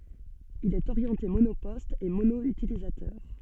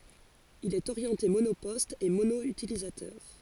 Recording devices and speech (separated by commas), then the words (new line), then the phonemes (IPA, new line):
soft in-ear microphone, forehead accelerometer, read sentence
Il est orienté monoposte et mono-utilisateur.
il ɛt oʁjɑ̃te monopɔst e mono ytilizatœʁ